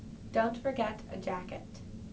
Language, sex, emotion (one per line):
English
female
neutral